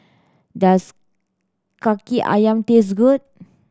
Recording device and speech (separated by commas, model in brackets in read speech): standing microphone (AKG C214), read sentence